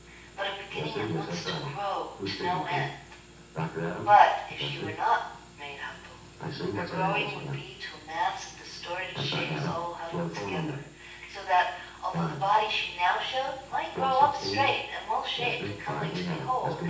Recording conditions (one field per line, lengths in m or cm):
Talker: one person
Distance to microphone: 9.8 m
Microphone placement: far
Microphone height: 1.8 m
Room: large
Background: television